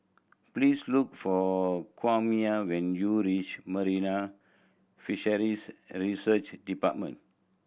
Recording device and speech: boundary microphone (BM630), read sentence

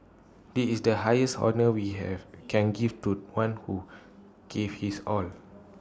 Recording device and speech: standing microphone (AKG C214), read sentence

